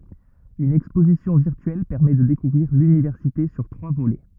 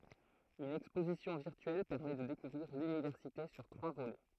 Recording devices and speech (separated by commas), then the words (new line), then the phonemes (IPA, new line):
rigid in-ear microphone, throat microphone, read sentence
Une exposition virtuelle permet de découvrir l'université sur trois volets.
yn ɛkspozisjɔ̃ viʁtyɛl pɛʁmɛ də dekuvʁiʁ lynivɛʁsite syʁ tʁwa volɛ